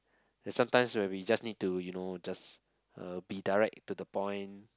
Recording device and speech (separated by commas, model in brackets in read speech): close-talking microphone, conversation in the same room